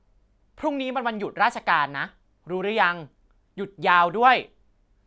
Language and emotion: Thai, frustrated